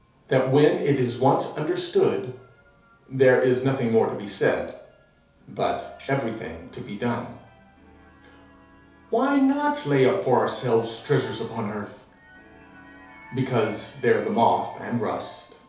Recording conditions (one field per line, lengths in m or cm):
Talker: one person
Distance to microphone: 3.0 m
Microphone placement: far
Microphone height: 1.8 m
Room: small (3.7 m by 2.7 m)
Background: television